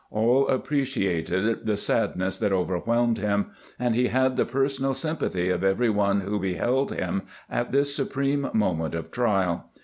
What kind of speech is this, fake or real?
real